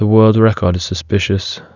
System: none